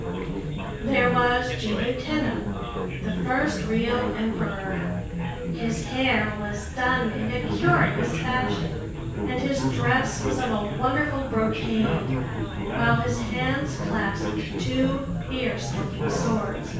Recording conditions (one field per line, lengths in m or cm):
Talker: one person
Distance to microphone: 9.8 m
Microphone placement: far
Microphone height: 1.8 m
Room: large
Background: babble